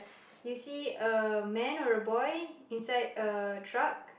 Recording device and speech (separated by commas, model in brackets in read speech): boundary microphone, conversation in the same room